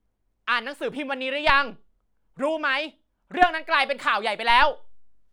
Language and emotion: Thai, angry